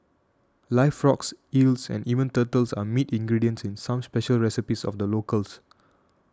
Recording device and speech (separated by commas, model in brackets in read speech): standing microphone (AKG C214), read sentence